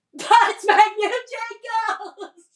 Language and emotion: English, happy